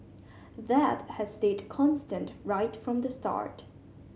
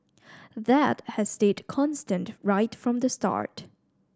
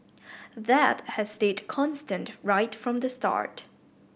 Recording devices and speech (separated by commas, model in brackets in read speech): mobile phone (Samsung C7100), standing microphone (AKG C214), boundary microphone (BM630), read sentence